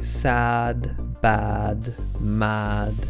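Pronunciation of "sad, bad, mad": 'sad, bad, mad' is said the British English way: the a vowel is a bit more lowered than in American English.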